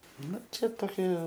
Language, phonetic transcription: Lithuanian, ˈnu ˈčia toˈkie

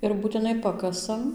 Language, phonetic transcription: Lithuanian, ir būtiˈnai ˈpakasam

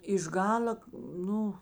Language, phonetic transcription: Lithuanian, iš ˈgal'a ˈnu

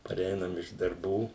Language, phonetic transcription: Lithuanian, paˈreinam iš darˈbų

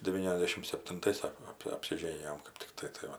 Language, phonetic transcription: Lithuanian, deˈvyniasdešim septinˈtais ˈsako ap apsiˈžėnijom kɜp tikˈtai tai ˈva

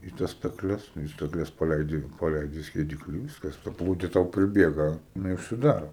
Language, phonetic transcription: Lithuanian, į ˈtas staˈkles in stakˈles paˈleidi paˈleidi skieˈdikli ir ˈviskas ta ˈplūdi tau priˈbiega jiˈnai užsiˈdaro

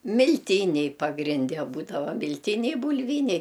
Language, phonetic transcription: Lithuanian, milˈtyniai pagrinˈde ˈbūdava milˈtyniai bulˈvyniai

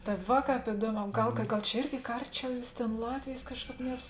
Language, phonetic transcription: Lithuanian, ta ˈva ˈkāp iˈduoˌmē ˈgal ka ˈgal čia ˈirgi ka ˈarˌčiau ˈjūs ˈtėn ˈlatvėjės ˈkažˌkāp nes

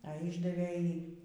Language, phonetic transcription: Lithuanian, a ˈyšdavė ˈjį

